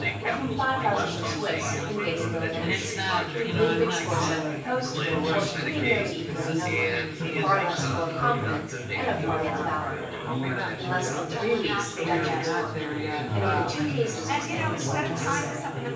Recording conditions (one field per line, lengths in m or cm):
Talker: one person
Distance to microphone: 9.8 m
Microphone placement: far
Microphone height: 1.8 m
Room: large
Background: babble